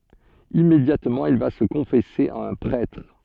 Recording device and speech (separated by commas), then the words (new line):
soft in-ear microphone, read sentence
Immédiatement, il va se confesser à un prêtre.